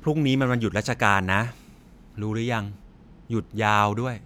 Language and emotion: Thai, frustrated